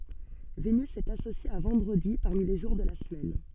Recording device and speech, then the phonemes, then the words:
soft in-ear microphone, read sentence
venys ɛt asosje a vɑ̃dʁədi paʁmi le ʒuʁ də la səmɛn
Vénus est associée à vendredi parmi les jours de la semaine.

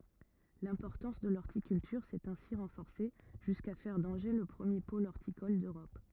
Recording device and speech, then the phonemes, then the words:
rigid in-ear microphone, read sentence
lɛ̃pɔʁtɑ̃s də lɔʁtikyltyʁ sɛt ɛ̃si ʁɑ̃fɔʁse ʒyska fɛʁ dɑ̃ʒe lə pʁəmje pol ɔʁtikɔl døʁɔp
L'importance de l'horticulture s’est ainsi renforcée jusqu'à faire d'Angers le premier pôle horticole d’Europe.

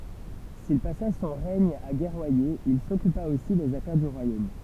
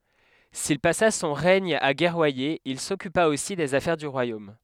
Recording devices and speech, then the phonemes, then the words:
temple vibration pickup, headset microphone, read sentence
sil pasa sɔ̃ ʁɛɲ a ɡɛʁwaje il sɔkypa osi dez afɛʁ dy ʁwajom
S'il passa son règne à guerroyer, il s'occupa aussi des affaires du royaume.

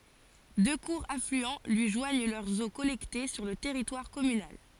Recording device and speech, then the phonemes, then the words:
forehead accelerometer, read sentence
dø kuʁz aflyɑ̃ lyi ʒwaɲ lœʁz o kɔlɛkte syʁ lə tɛʁitwaʁ kɔmynal
Deux courts affluents lui joignent leurs eaux collectées sur le territoire communal.

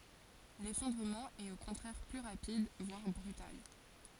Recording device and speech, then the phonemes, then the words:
forehead accelerometer, read sentence
lefɔ̃dʁəmɑ̃ ɛt o kɔ̃tʁɛʁ ply ʁapid vwaʁ bʁytal
L'effondrement est au contraire plus rapide, voire brutal.

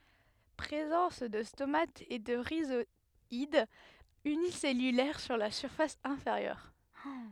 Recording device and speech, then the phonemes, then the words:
headset microphone, read sentence
pʁezɑ̃s də stomatz e də ʁizwadz ynisɛlylɛʁ syʁ la fas ɛ̃feʁjœʁ
Présence de stomates et de rhizoides unicellulaires sur la face inférieure.

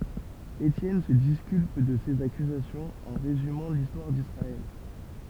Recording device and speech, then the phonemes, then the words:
temple vibration pickup, read sentence
etjɛn sə diskylp də sez akyzasjɔ̃z ɑ̃ ʁezymɑ̃ listwaʁ disʁaɛl
Étienne se disculpe de ces accusations en résumant l’histoire d’Israël.

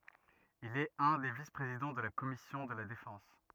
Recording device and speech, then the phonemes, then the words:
rigid in-ear microphone, read sentence
il ɛt œ̃ de vispʁezidɑ̃ də la kɔmisjɔ̃ də la defɑ̃s
Il est un des vice-présidents de la commission de la Défense.

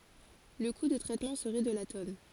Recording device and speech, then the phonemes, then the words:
forehead accelerometer, read sentence
lə ku də tʁɛtmɑ̃ səʁɛ də la tɔn
Le coût de traitement serait de la tonne.

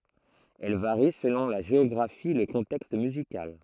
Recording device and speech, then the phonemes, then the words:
throat microphone, read sentence
ɛl vaʁi səlɔ̃ la ʒeɔɡʁafi e lə kɔ̃tɛkst myzikal
Elle varie selon la géographie et le contexte musical.

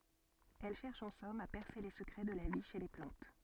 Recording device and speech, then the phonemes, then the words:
soft in-ear microphone, read sentence
ɛl ʃɛʁʃ ɑ̃ sɔm a pɛʁse le səkʁɛ də la vi ʃe le plɑ̃t
Elle cherche en somme à percer les secrets de la vie chez les plantes.

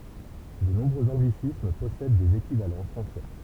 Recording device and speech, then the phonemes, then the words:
temple vibration pickup, read sentence
də nɔ̃bʁøz ɑ̃ɡlisism pɔsɛd dez ekivalɑ̃ fʁɑ̃sɛ
De nombreux anglicismes possèdent des équivalents français.

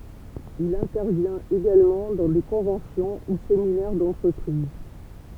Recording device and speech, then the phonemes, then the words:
temple vibration pickup, read sentence
il ɛ̃tɛʁvjɛ̃t eɡalmɑ̃ dɑ̃ de kɔ̃vɑ̃sjɔ̃ u seminɛʁ dɑ̃tʁəpʁiz
Il intervient également dans des conventions ou séminaires d'entreprises.

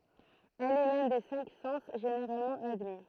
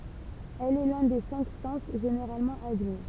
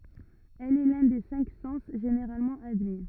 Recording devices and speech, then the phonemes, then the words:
throat microphone, temple vibration pickup, rigid in-ear microphone, read sentence
ɛl ɛ lœ̃ de sɛ̃k sɑ̃s ʒeneʁalmɑ̃ admi
Elle est l’un des cinq sens généralement admis.

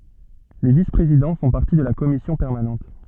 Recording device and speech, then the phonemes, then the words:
soft in-ear microphone, read sentence
le vispʁezidɑ̃ fɔ̃ paʁti də la kɔmisjɔ̃ pɛʁmanɑ̃t
Les vice-présidents font partie de la commission permanente.

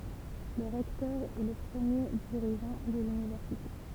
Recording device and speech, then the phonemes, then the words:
temple vibration pickup, read sentence
lə ʁɛktœʁ ɛ lə pʁəmje diʁiʒɑ̃ də lynivɛʁsite
Le recteur est le premier dirigeant de l'université.

